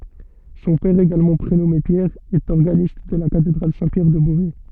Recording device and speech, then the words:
soft in-ear microphone, read sentence
Son père également prénommé Pierre, est organiste de la Cathédrale Saint-Pierre de Beauvais.

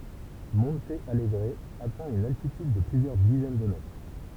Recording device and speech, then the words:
temple vibration pickup, read sentence
Monte Alegre atteint une altitude de plusieurs dizaines de mètres.

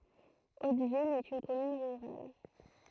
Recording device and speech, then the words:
throat microphone, read sentence
Hauteville est une commune rurale.

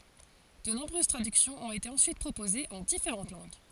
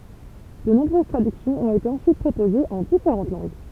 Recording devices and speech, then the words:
forehead accelerometer, temple vibration pickup, read sentence
De nombreuses traductions ont été ensuite proposées en différentes langues.

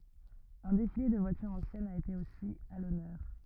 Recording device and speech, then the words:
rigid in-ear microphone, read sentence
Un défilé de voitures anciennes a été aussi à l'honneur.

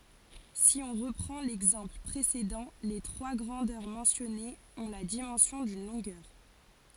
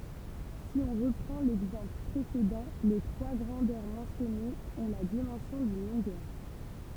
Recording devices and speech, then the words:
forehead accelerometer, temple vibration pickup, read sentence
Si on reprend l'exemple précédent, les trois grandeurs mentionnées ont la dimension d'une longueur.

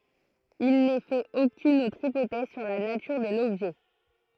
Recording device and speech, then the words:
throat microphone, read sentence
Il n'est fait aucune autre hypothèse sur la nature de l'objet.

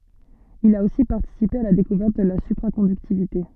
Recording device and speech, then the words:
soft in-ear microphone, read sentence
Il a aussi participé à la découverte de la supraconductivité.

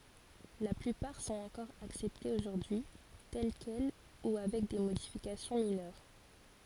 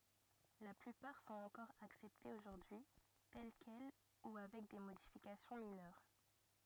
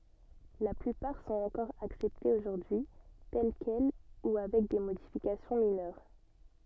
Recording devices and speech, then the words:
forehead accelerometer, rigid in-ear microphone, soft in-ear microphone, read sentence
La plupart sont encore acceptées aujourd’hui, telles quelles ou avec des modifications mineures.

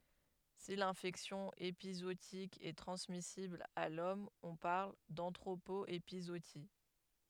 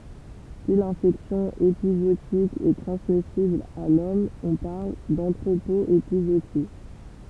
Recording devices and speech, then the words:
headset microphone, temple vibration pickup, read sentence
Si l'infection épizootique est transmissible à l'homme on parle d'anthropo-épizootie.

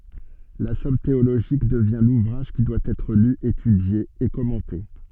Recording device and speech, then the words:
soft in-ear microphone, read sentence
La somme théologique devient l'ouvrage qui doit être lu, étudié et commenté.

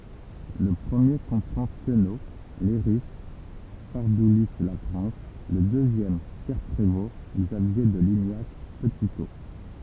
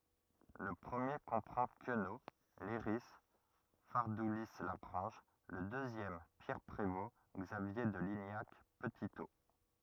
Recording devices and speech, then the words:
temple vibration pickup, rigid in-ear microphone, read sentence
Le premier comprend Queneau, Leiris, Fardoulis-Lagrange, le deuxième Pierre Prévost, Xavier de Lignac, Petitot.

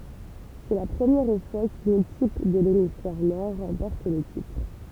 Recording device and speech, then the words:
temple vibration pickup, read sentence
C'est la première fois qu'une équipe de l'hémisphère Nord remporte le titre.

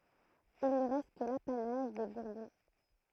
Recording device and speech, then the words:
throat microphone, read sentence
Il ne reste que l'apanage des Bourbons.

